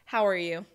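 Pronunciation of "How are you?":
'How are you?' is said with a flat intonation, and the voice signals disinterest: there's no interest in it.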